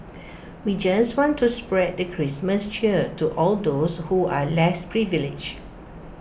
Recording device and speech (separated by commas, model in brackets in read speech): boundary microphone (BM630), read sentence